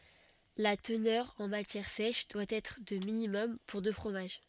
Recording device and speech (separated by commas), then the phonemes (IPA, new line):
soft in-ear microphone, read sentence
la tənœʁ ɑ̃ matjɛʁ sɛʃ dwa ɛtʁ də minimɔm puʁ də fʁomaʒ